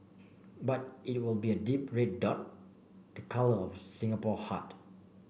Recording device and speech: boundary microphone (BM630), read sentence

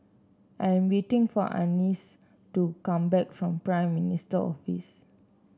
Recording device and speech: standing microphone (AKG C214), read sentence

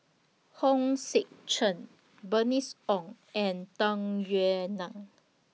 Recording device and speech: mobile phone (iPhone 6), read sentence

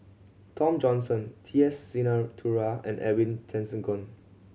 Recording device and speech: mobile phone (Samsung C7100), read sentence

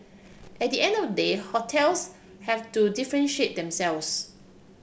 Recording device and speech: boundary microphone (BM630), read sentence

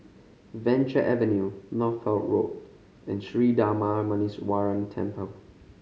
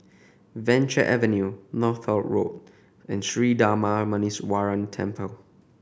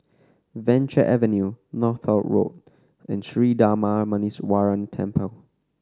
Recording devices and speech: mobile phone (Samsung C5010), boundary microphone (BM630), standing microphone (AKG C214), read sentence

